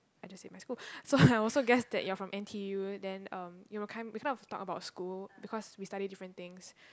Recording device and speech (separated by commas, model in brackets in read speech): close-talking microphone, conversation in the same room